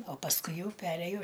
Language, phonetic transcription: Lithuanian, o pasˈkui ˈjau ˈperėjo

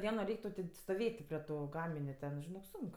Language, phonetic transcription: Lithuanian, ˈdieno ˈreik' tau tė stoˈvėt' ti prie ˈtų ˈgaminiu ten žiˈnok ˈsunk

